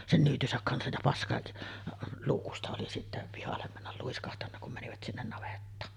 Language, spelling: Finnish, sen nyytynsä kanssa ja - paskaluukusta oli sitten pihalle mennä luiskahtanut kun menivät sinne navettaan
- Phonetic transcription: 'sen 'nyytysäk kansaj ja "paska- , '-luukusta oli sittä , 'pihallem männäl 'luiskahtanna kum 'mänivät sinnen navettaan .

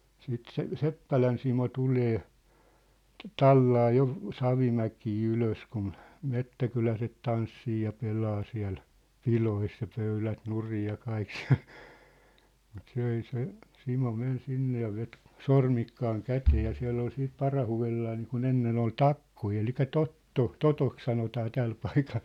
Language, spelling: Finnish, sitten se Seppälän Simo tulee tallaa jo Savimäkeä ylös kun metsäkyläiset tanssii ja pelaa siellä pidoissa ja pöydät nurin ja kaikki siellä mutta se ei se Simo meni sinne ja veti sormikkaan käteen ja siellä oli sitten parahudellaan niin kuin ennen oli takkoja eli totto totoksi sanotaan tällä paikalla
- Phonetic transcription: siit se , 'Seppälän Simo 'tulee , "tallaa jo , 'Savimäkii 'ylös kun , 'mettäkyläset 'tanssii ja 'pelaa siä̭l , "pilois ja 'pöylät 'nurij ja 'kaik sɪᴀ̭̈ʟ , mut 's ‿ei se , 'Simo 'men 'sinne ja vet , "sormikkaaŋ "kätee ja 'siä̭ll ‿ol 'siit "parahu₍ellaa niikun 'ennen ‿ol "takkoi elikä "totto , "totok 'sanotaa "täl paikal .

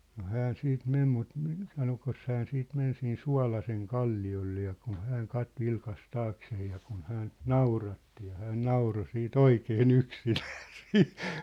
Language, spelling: Finnish, no hän sitten meni mutta - sanoikos hän sitten meni siinä Suolasenkalliolle ja kun hän - vilkaisi taakseen ja kun häntä nauratti ja hän nauroi sitten oikein yksinään siinä
- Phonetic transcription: no 'hään 'sit 'mem mut mi- , 'sanokos 'hään 'siit 'men siin "Sua̭laseŋ'kalli₍olle ja kun̬ 'hääŋ 'kat- 'vilkas 'taaksee ja kun 'hä̳ä̳nt-[!] "nauratti ja 'hään "nauro sii"t ‿oikee'n ‿yksinᴀ̈ᴀ̈ sɪɪɴ .

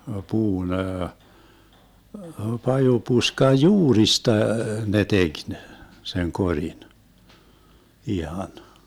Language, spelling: Finnish, puun - pajupuskan juurista ne teki ne sen korin ihan
- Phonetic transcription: 'puu'n ‿əə , 'paju'puskaj "juurista ne 'tek ne , seŋ 'koŕin , 'ihan .

